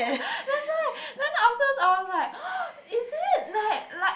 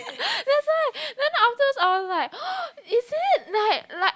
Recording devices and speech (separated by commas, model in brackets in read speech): boundary microphone, close-talking microphone, conversation in the same room